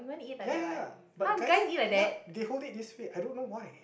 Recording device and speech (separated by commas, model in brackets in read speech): boundary microphone, conversation in the same room